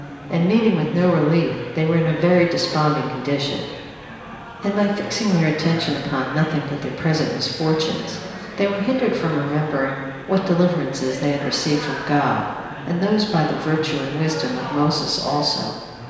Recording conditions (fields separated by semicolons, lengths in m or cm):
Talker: one person; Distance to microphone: 1.7 m; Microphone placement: close; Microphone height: 1.0 m; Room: very reverberant, large; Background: babble